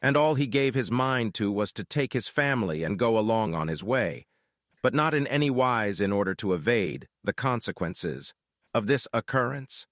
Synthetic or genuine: synthetic